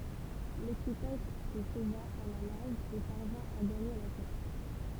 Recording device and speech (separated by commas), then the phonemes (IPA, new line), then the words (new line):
temple vibration pickup, read sentence
lekipaʒ sə sova a la naʒ e paʁvɛ̃ a ɡaɲe la tɛʁ
L'équipage se sauva à la nage et parvint à gagner la terre.